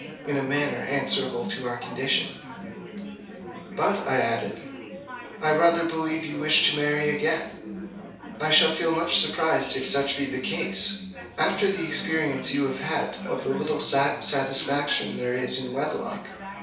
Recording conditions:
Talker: one person; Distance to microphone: 3.0 m; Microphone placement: far; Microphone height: 1.8 m; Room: small (3.7 m by 2.7 m); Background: babble

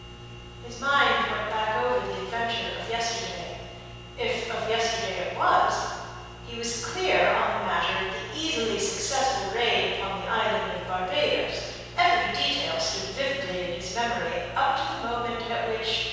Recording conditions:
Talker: one person; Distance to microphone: 7.1 m; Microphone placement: far; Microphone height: 1.7 m; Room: very reverberant, large; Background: none

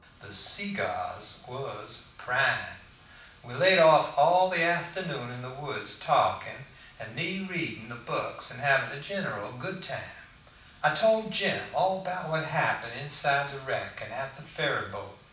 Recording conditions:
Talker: one person; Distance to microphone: 5.8 m; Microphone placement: far; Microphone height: 1.8 m; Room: medium-sized (5.7 m by 4.0 m); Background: none

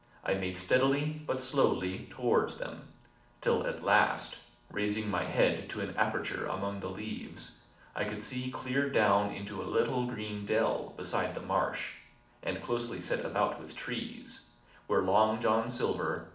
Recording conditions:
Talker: one person; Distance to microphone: 2.0 m; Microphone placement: close; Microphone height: 99 cm; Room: medium-sized (5.7 m by 4.0 m); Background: none

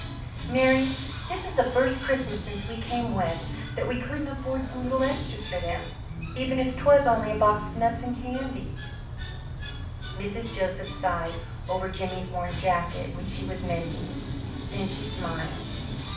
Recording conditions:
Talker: one person; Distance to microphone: 5.8 m; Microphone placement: far; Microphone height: 1.8 m; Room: medium-sized (5.7 m by 4.0 m); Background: television

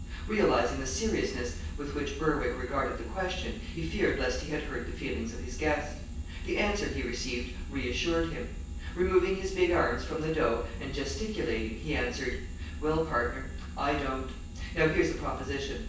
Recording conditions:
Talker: one person; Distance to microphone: 9.8 m; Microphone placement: far; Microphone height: 1.8 m; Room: large; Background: none

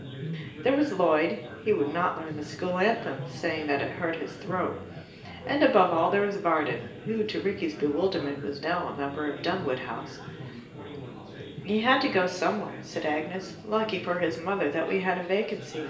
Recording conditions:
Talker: one person; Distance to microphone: 1.8 m; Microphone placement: close; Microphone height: 1.0 m; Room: large; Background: babble

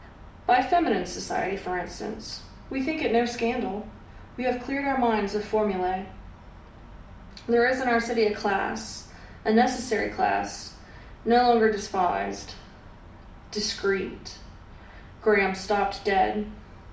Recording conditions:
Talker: one person; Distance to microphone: 2.0 m; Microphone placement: close; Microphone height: 99 cm; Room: medium-sized (5.7 m by 4.0 m); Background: none

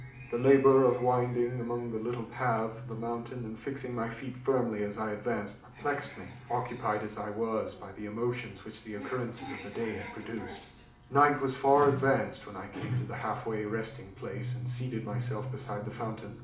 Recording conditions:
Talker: one person; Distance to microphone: 2.0 m; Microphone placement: close; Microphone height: 99 cm; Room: medium-sized (5.7 m by 4.0 m); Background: television

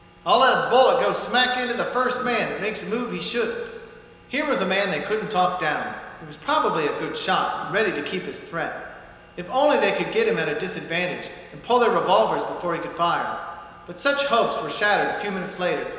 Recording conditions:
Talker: one person; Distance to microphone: 1.7 m; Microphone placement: close; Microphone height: 1.0 m; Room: very reverberant, large; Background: none

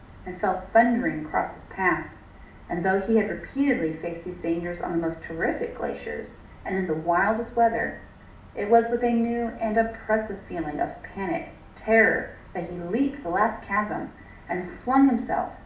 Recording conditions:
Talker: one person; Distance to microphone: 2.0 m; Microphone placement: close; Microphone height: 99 cm; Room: medium-sized (5.7 m by 4.0 m); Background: none

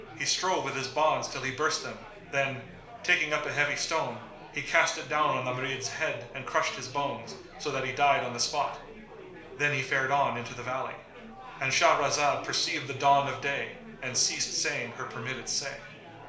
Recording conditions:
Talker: one person; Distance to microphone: 1.0 m; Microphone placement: close; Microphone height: 1.1 m; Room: small (3.7 m by 2.7 m); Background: babble

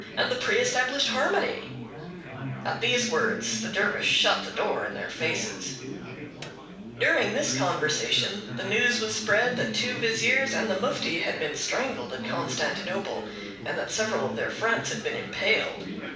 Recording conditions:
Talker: one person; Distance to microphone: 5.8 m; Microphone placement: far; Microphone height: 1.8 m; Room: medium-sized (5.7 m by 4.0 m); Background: babble

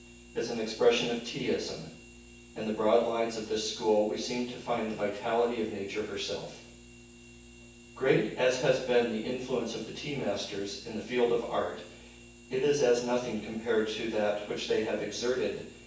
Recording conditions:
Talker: one person; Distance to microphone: 9.8 m; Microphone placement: far; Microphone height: 1.8 m; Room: large; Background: none

